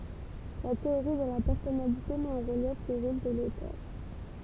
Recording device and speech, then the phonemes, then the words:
temple vibration pickup, read sentence
la teoʁi də la pɛʁsɔnalite mɛt ɑ̃ ʁəljɛf lə ʁol də lotœʁ
La théorie de la personnalité met en relief le rôle de l’auteur.

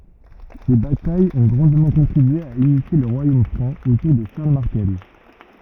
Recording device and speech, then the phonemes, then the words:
rigid in-ear microphone, read sentence
se batajz ɔ̃ ɡʁɑ̃dmɑ̃ kɔ̃tʁibye a ynifje lə ʁwajom fʁɑ̃ otuʁ də ʃaʁl maʁtɛl
Ces batailles ont grandement contribué à unifier le Royaume franc autour de Charles Martel.

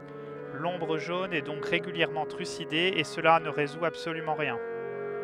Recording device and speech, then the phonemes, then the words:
headset microphone, read sentence
lɔ̃bʁ ʒon ɛ dɔ̃k ʁeɡyljɛʁmɑ̃ tʁyside e səla nə ʁezu absolymɑ̃ ʁjɛ̃
L'Ombre Jaune est donc régulièrement trucidée et cela ne résout absolument rien.

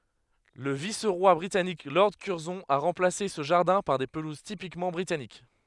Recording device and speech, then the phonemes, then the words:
headset microphone, read sentence
lə vis ʁwa bʁitanik lɔʁd kyʁzɔ̃ a ʁɑ̃plase sə ʒaʁdɛ̃ paʁ de pəluz tipikmɑ̃ bʁitanik
Le vice-roi britannique Lord Curzon a remplacé ce jardin par des pelouses typiquement britanniques.

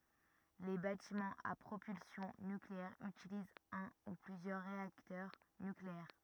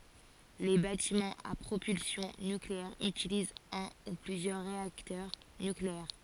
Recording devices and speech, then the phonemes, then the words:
rigid in-ear microphone, forehead accelerometer, read sentence
le batimɑ̃z a pʁopylsjɔ̃ nykleɛʁ ytilizt œ̃ u plyzjœʁ ʁeaktœʁ nykleɛʁ
Les bâtiments à propulsion nucléaire utilisent un ou plusieurs réacteurs nucléaires.

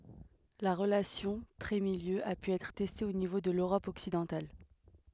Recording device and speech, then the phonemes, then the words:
headset microphone, read sentence
la ʁəlasjɔ̃ tʁɛtmiljø a py ɛtʁ tɛste o nivo də løʁɔp ɔksidɑ̃tal
La relation trait-milieu a pu être testée au niveau de l'Europe occidentale.

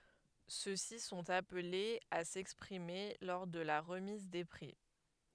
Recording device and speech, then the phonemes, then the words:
headset microphone, read sentence
sø si sɔ̃t aplez a sɛkspʁime lɔʁ də la ʁəmiz de pʁi
Ceux-ci sont appelés à s'exprimer lors de la remise des prix.

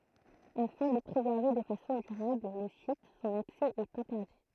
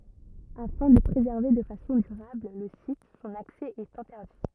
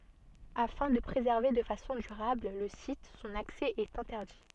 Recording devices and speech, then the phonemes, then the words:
throat microphone, rigid in-ear microphone, soft in-ear microphone, read sentence
afɛ̃ də pʁezɛʁve də fasɔ̃ dyʁabl lə sit sɔ̃n aksɛ ɛt ɛ̃tɛʁdi
Afin de préserver de façon durable le site, son accès est interdit.

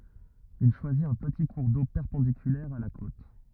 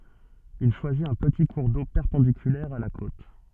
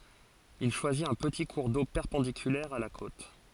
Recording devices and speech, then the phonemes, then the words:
rigid in-ear microphone, soft in-ear microphone, forehead accelerometer, read sentence
il ʃwazit œ̃ pəti kuʁ do pɛʁpɑ̃dikylɛʁ a la kot
Il choisit un petit cours d'eau perpendiculaire à la côte.

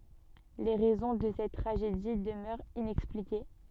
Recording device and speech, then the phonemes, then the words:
soft in-ear microphone, read sentence
le ʁɛzɔ̃ də sɛt tʁaʒedi dəmœʁt inɛksplike
Les raisons de cette tragédie demeurent inexpliquées.

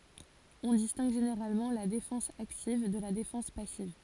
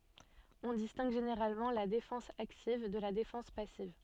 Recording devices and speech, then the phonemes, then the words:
forehead accelerometer, soft in-ear microphone, read sentence
ɔ̃ distɛ̃ɡ ʒeneʁalmɑ̃ la defɑ̃s aktiv də la defɑ̃s pasiv
On distingue généralement la défense active de la défense passive.

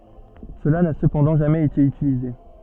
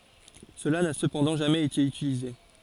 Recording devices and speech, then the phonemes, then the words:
soft in-ear microphone, forehead accelerometer, read sentence
səla na səpɑ̃dɑ̃ ʒamɛz ete ytilize
Cela n'a cependant jamais été utilisé.

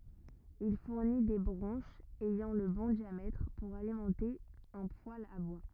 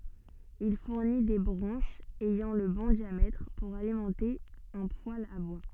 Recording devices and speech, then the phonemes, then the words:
rigid in-ear microphone, soft in-ear microphone, read sentence
il fuʁni de bʁɑ̃ʃz ɛjɑ̃ lə bɔ̃ djamɛtʁ puʁ alimɑ̃te œ̃ pwal a bwa
Il fournit des branches ayant le bon diamètre pour alimenter un poêle à bois.

